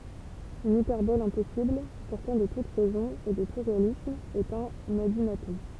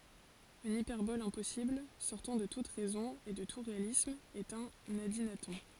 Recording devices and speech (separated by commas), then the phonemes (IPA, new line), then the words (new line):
temple vibration pickup, forehead accelerometer, read sentence
yn ipɛʁbɔl ɛ̃pɔsibl sɔʁtɑ̃ də tut ʁɛzɔ̃ e də tu ʁealism ɛt œ̃n adinatɔ̃
Une hyperbole impossible, sortant de toute raison et de tout réalisme est un adynaton.